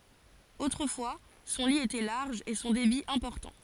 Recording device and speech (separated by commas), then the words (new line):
forehead accelerometer, read sentence
Autrefois, son lit était large et son débit important.